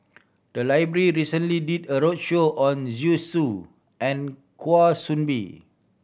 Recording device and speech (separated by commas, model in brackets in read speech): boundary microphone (BM630), read sentence